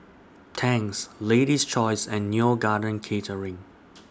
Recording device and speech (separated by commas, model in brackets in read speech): standing microphone (AKG C214), read sentence